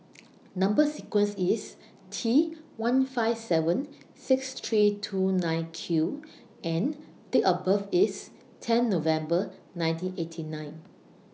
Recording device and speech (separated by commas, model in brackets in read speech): mobile phone (iPhone 6), read sentence